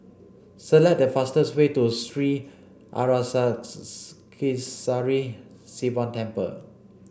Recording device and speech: boundary microphone (BM630), read sentence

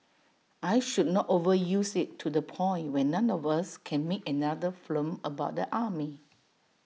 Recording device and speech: mobile phone (iPhone 6), read sentence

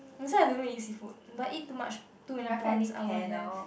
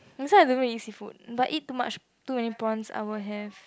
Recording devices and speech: boundary microphone, close-talking microphone, conversation in the same room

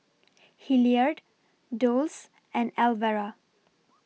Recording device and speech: mobile phone (iPhone 6), read sentence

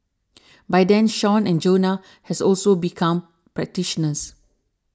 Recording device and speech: standing microphone (AKG C214), read sentence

